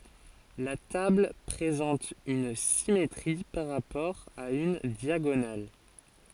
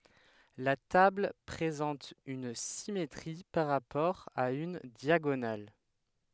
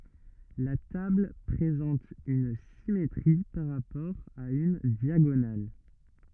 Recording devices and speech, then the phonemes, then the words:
forehead accelerometer, headset microphone, rigid in-ear microphone, read sentence
la tabl pʁezɑ̃t yn simetʁi paʁ ʁapɔʁ a yn djaɡonal
La table présente une symétrie par rapport à une diagonale.

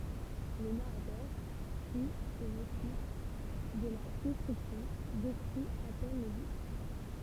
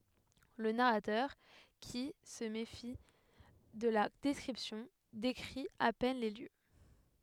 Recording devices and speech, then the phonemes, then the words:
temple vibration pickup, headset microphone, read sentence
lə naʁatœʁ ki sə mefi də la dɛskʁipsjɔ̃ dekʁi a pɛn le ljø
Le narrateur, qui se méfie de la description, décrit à peine les lieux.

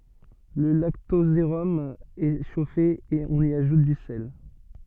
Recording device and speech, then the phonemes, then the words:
soft in-ear microphone, read sentence
lə laktozeʁɔm ɛ ʃofe e ɔ̃n i aʒut dy sɛl
Le lactosérum est chauffé et on y ajoute du sel.

